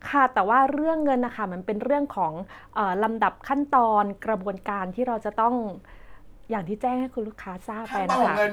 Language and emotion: Thai, neutral